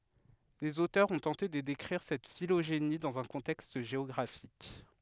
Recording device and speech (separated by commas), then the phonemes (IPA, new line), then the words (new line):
headset microphone, read sentence
lez otœʁz ɔ̃ tɑ̃te də dekʁiʁ sɛt filoʒeni dɑ̃z œ̃ kɔ̃tɛkst ʒeɔɡʁafik
Les auteurs ont tenté de décrire cette phylogénie dans un contexte géographique.